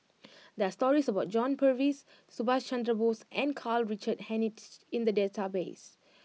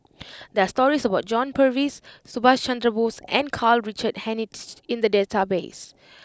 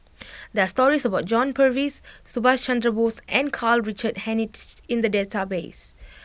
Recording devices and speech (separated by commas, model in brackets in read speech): mobile phone (iPhone 6), close-talking microphone (WH20), boundary microphone (BM630), read sentence